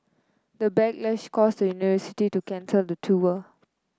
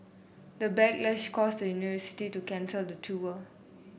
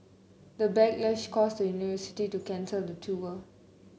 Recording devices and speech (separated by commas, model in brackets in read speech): close-talking microphone (WH30), boundary microphone (BM630), mobile phone (Samsung C9), read sentence